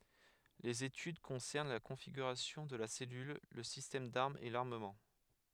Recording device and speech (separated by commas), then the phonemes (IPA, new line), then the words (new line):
headset microphone, read sentence
lez etyd kɔ̃sɛʁn la kɔ̃fiɡyʁasjɔ̃ də la sɛlyl lə sistɛm daʁmz e laʁməmɑ̃
Les études concernent la configuration de la cellule, le système d'armes et l'armement.